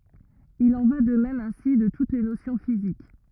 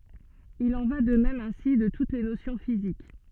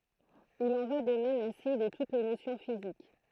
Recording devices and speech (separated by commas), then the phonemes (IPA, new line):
rigid in-ear microphone, soft in-ear microphone, throat microphone, read sentence
il ɑ̃ va də mɛm ɛ̃si də tut le nosjɔ̃ fizik